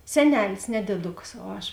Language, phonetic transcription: Lithuanian, seˈnelis ne dėˈdukas o ˈaš

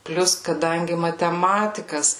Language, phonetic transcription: Lithuanian, ˈplius kaˈdangi mateˈmatikas

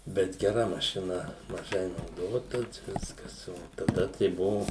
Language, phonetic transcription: Lithuanian, ˈbet geˈra mašiˈna maˈžai nauˈdota ˈviskas ˈo taˈda tai ˈbuvu

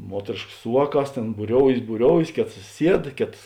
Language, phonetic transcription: Lithuanian, ˈmuotrėškas ˈsu vāˌkās ˈtėn būˈrioujės būˈrioujės ˈkėtas ˈsied ˈkėtas

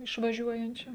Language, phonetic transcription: Lithuanian, išvaˈžiuojančiu

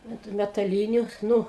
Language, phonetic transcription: Lithuanian, ant metaˈlyniu ˈnu

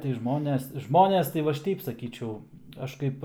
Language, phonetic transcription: Lithuanian, tai ˈžmones ˈžmones tai va ˈaš ˈteip saˈkyčiau ˈaš kaip

